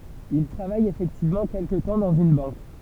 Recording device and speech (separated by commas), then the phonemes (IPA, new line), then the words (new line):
temple vibration pickup, read sentence
il tʁavaj efɛktivmɑ̃ kɛlkə tɑ̃ dɑ̃z yn bɑ̃k
Il travaille effectivement quelque temps dans une banque.